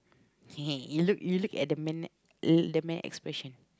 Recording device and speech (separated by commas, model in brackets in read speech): close-talking microphone, conversation in the same room